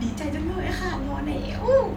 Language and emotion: Thai, happy